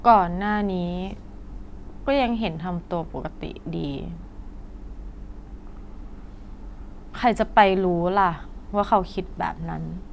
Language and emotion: Thai, frustrated